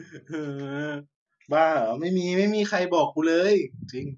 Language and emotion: Thai, frustrated